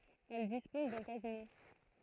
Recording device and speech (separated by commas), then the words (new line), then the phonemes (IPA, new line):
throat microphone, read sentence
Elle dispose d'un casino.
ɛl dispɔz dœ̃ kazino